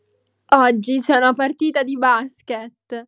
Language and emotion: Italian, happy